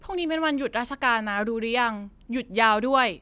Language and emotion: Thai, frustrated